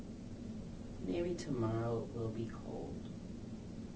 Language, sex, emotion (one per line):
English
female
neutral